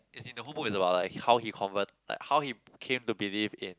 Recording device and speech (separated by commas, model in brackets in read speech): close-talking microphone, conversation in the same room